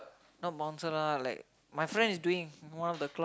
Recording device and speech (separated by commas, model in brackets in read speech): close-talking microphone, conversation in the same room